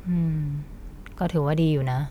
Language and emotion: Thai, frustrated